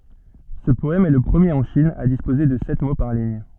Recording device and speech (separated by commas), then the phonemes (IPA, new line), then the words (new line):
soft in-ear microphone, read sentence
sə pɔɛm ɛ lə pʁəmjeʁ ɑ̃ ʃin a dispoze də sɛt mo paʁ liɲ
Ce poème est le premier en Chine à disposer de sept mots par ligne.